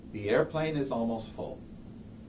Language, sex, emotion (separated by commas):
English, male, neutral